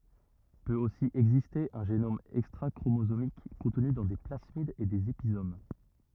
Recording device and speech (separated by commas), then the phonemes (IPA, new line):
rigid in-ear microphone, read sentence
pøt osi ɛɡziste œ̃ ʒenom ɛkstʁakʁomozomik kɔ̃tny dɑ̃ de plasmidz e dez epizom